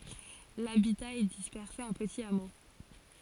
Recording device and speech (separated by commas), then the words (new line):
forehead accelerometer, read sentence
L’habitat est dispersé en petits hameaux.